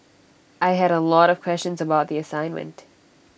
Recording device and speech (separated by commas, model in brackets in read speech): boundary microphone (BM630), read sentence